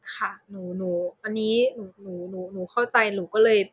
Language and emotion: Thai, sad